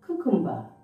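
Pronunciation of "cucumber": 'Cucumber' is pronounced incorrectly here.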